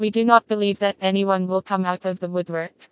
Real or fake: fake